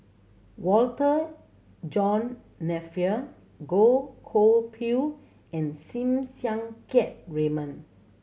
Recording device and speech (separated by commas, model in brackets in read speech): mobile phone (Samsung C7100), read sentence